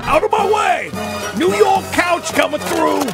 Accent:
Bad Brooklyn accent